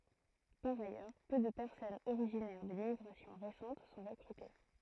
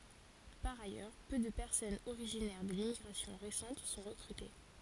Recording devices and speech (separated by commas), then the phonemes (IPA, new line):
throat microphone, forehead accelerometer, read sentence
paʁ ajœʁ pø də pɛʁsɔnz oʁiʒinɛʁ də limmiɡʁasjɔ̃ ʁesɑ̃t sɔ̃ ʁəkʁyte